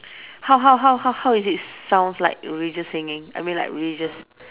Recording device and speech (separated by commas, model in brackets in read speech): telephone, conversation in separate rooms